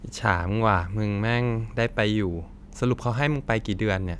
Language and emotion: Thai, neutral